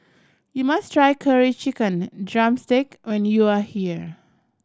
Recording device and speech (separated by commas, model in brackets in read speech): standing microphone (AKG C214), read sentence